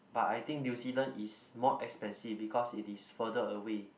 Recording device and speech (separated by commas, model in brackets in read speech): boundary microphone, conversation in the same room